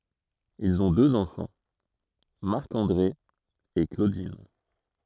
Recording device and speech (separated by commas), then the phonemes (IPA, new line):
throat microphone, read sentence
ilz ɔ̃ døz ɑ̃fɑ̃ maʁk ɑ̃dʁe e klodin